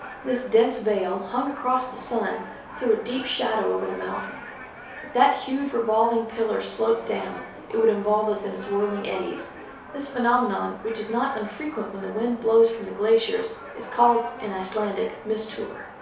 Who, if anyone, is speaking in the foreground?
One person.